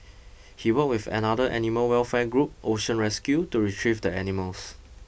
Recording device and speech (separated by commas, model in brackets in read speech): boundary microphone (BM630), read sentence